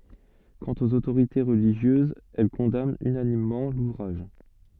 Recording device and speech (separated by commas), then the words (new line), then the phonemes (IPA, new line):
soft in-ear microphone, read sentence
Quant aux autorités religieuses, elles condamnent unanimement l'ouvrage.
kɑ̃t oz otoʁite ʁəliʒjøzz ɛl kɔ̃dant ynanimmɑ̃ luvʁaʒ